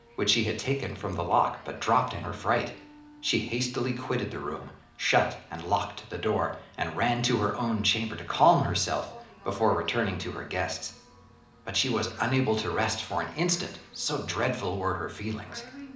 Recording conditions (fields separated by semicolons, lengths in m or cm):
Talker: one person; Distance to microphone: 2.0 m; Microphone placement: close; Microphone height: 99 cm; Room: medium-sized (5.7 m by 4.0 m); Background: television